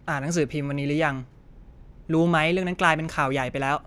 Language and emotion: Thai, frustrated